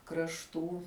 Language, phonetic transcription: Lithuanian, krašˈtų

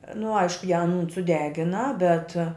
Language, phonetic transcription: Lithuanian, nu ˈaišku ją anūn suˈdegina bet

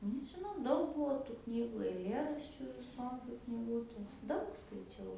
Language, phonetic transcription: Lithuanian, nežiˈnau ˈdaug ˈbuo tų ˈknygu aiˈlėraščiu viˈsokiu kniˈgutiu ˈdaug skaiˈčiau

